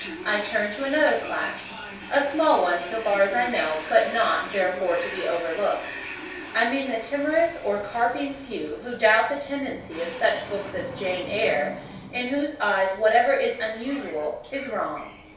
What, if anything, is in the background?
A television.